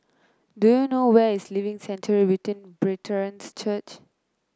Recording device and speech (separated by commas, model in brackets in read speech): close-talking microphone (WH30), read sentence